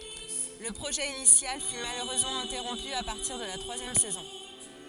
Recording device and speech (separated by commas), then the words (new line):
forehead accelerometer, read sentence
Le projet initial fut malheureusement interrompu à partir de la troisième saison.